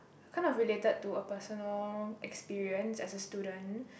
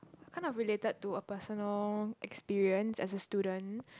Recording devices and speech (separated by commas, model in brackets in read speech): boundary microphone, close-talking microphone, conversation in the same room